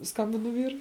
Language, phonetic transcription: Lithuanian, ˈskambinu ˈvyrui

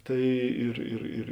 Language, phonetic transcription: Lithuanian, ˈtai ir ir ˈir

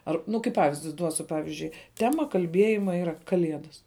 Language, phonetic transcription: Lithuanian, ˈar ˈnu kai ˈpavizdi ˈduosiu ˈpavizdžiui ˈtema kalˈbiejima ˈyra kaˈliedas

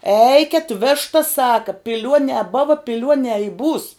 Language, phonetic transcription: Lithuanian, ˈeiket ˈveštas ˈsaka piˈliuonē ˈbova piˈliuonē i būs

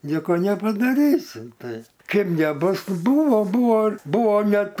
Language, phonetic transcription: Lithuanian, ˈnieko nepadaˈrysi ˈtai ˈkaip neˈbus ˈbuvo ˈbuvo ˈbuvo ˈnet

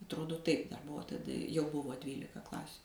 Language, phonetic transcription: Lithuanian, atˈrodo ˈtaip dar ˈbuvo taˈda jau ˈbuvo ˈdvylika ˈklasiu

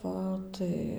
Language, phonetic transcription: Lithuanian, ˈva tai

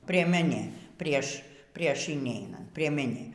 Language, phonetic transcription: Lithuanian, prieˈmenė ˈprieš ˈprieš ineiˈnant priemeˈnė

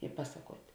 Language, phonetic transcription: Lithuanian, i ˈpasaˌkuot'

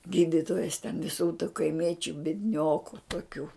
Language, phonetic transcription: Lithuanian, ˈgyditojas ten viˈsų tu kaiˈmiečiu biedˈnioku toˈkių

